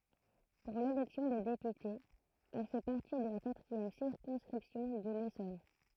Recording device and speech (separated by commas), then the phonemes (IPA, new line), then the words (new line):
throat microphone, read sentence
puʁ lelɛksjɔ̃ de depytez ɛl fɛ paʁti də la katʁiɛm siʁkɔ̃skʁipsjɔ̃ də lesɔn
Pour l'élection des députés, elle fait partie de la quatrième circonscription de l'Essonne.